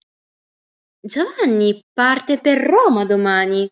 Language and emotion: Italian, surprised